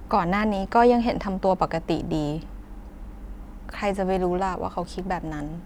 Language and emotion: Thai, frustrated